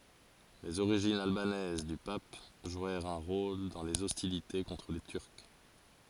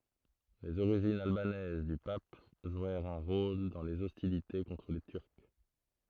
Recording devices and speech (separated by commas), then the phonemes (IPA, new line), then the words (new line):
forehead accelerometer, throat microphone, read sentence
lez oʁiʒinz albanɛz dy pap ʒwɛʁt œ̃ ʁol dɑ̃ lez ɔstilite kɔ̃tʁ le tyʁk
Les origines albanaises du Pape jouèrent un rôle dans les hostilités contre les Turcs.